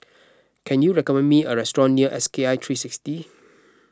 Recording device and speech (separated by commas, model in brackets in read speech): close-talking microphone (WH20), read sentence